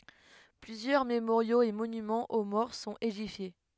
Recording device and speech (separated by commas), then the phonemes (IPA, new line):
headset microphone, read sentence
plyzjœʁ memoʁjoz e monymɑ̃z o mɔʁ sɔ̃t edifje